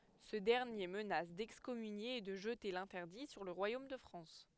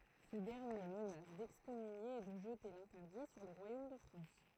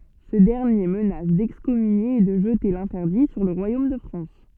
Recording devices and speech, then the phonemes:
headset microphone, throat microphone, soft in-ear microphone, read sentence
sə dɛʁnje mənas dɛkskɔmynje e də ʒəte lɛ̃tɛʁdi syʁ lə ʁwajom də fʁɑ̃s

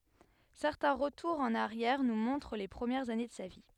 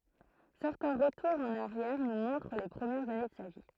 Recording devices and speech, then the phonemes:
headset microphone, throat microphone, read sentence
sɛʁtɛ̃ ʁətuʁz ɑ̃n aʁjɛʁ nu mɔ̃tʁ le pʁəmjɛʁz ane də sa vi

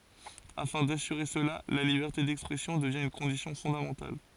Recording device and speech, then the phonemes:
forehead accelerometer, read sentence
afɛ̃ dasyʁe səla la libɛʁte dɛkspʁɛsjɔ̃ dəvjɛ̃ yn kɔ̃disjɔ̃ fɔ̃damɑ̃tal

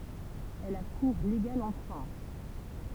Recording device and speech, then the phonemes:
temple vibration pickup, read sentence
ɛl a kuʁ leɡal ɑ̃ fʁɑ̃s

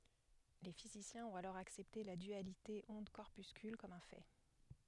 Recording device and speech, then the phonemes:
headset microphone, read sentence
le fizisjɛ̃z ɔ̃t alɔʁ aksɛpte la dyalite ɔ̃dkɔʁpyskyl kɔm œ̃ fɛ

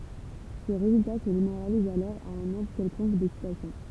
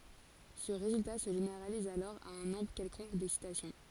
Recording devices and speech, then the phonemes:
temple vibration pickup, forehead accelerometer, read sentence
sə ʁezylta sə ʒeneʁaliz alɔʁ a œ̃ nɔ̃bʁ kɛlkɔ̃k dɛksitasjɔ̃

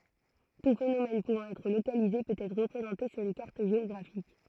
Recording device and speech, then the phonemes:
throat microphone, read sentence
tu fenomɛn puvɑ̃ ɛtʁ lokalize pøt ɛtʁ ʁəpʁezɑ̃te syʁ yn kaʁt ʒeɔɡʁafik

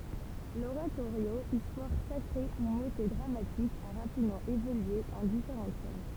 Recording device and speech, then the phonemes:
temple vibration pickup, read sentence
loʁatoʁjo istwaʁ sakʁe u motɛ dʁamatik a ʁapidmɑ̃ evolye ɑ̃ difeʁɑ̃t fɔʁm

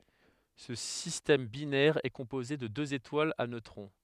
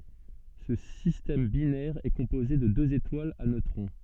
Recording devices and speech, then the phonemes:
headset microphone, soft in-ear microphone, read sentence
sə sistɛm binɛʁ ɛ kɔ̃poze də døz etwalz a nøtʁɔ̃

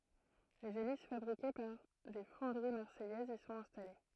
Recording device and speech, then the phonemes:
throat microphone, read sentence
lez elis fabʁike paʁ de fɔ̃dəʁi maʁsɛjɛzz i sɔ̃t ɛ̃stale

